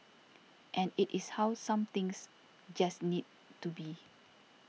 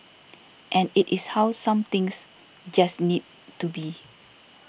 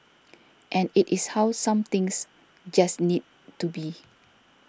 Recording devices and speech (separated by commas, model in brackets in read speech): mobile phone (iPhone 6), boundary microphone (BM630), standing microphone (AKG C214), read sentence